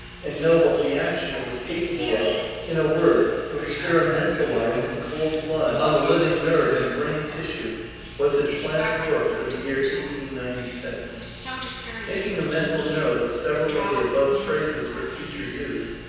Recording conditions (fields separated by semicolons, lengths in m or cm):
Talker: one person; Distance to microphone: 7.1 m; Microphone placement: far; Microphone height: 1.7 m; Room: very reverberant, large; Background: television